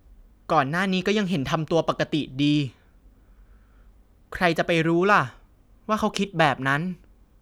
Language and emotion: Thai, neutral